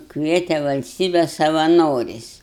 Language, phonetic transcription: Lithuanian, ˈkviete valsˈtybe savaˈnoriais

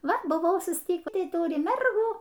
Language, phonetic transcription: Lithuanian, ˈva buˈvau susˈtykį ˈtai ˈturi ˈmergų

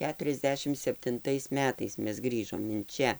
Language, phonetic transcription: Lithuanian, ˈketuriasˌdešim septinˈtais ˈmetais ˈmes ˈgrįžom in ˈčia

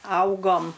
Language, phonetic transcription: Lithuanian, ˈaugom

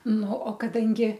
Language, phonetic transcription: Lithuanian, ˈnu o kaˈdangi

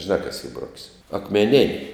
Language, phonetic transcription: Lithuanian, žiˈnā kas y ˈbrok's' akmeˈnin'

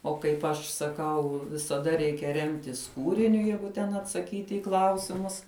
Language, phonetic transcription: Lithuanian, o kaip ˈaš saˈkau visaˈda ˈreikia ˈremtis ˈkūriniu ˈjeigu ten atsaˈkyti i ˈklausimus

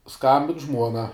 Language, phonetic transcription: Lithuanian, ˈskambin ˈžmuona

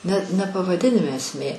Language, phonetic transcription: Lithuanian, ne ne pavaˈdinime esˈmė

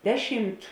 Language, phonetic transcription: Lithuanian, ˈdeˌšimt

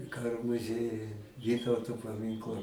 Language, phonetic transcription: Lithuanian, ˈkaro muˈziejuj ˈvytauto paˈminkla

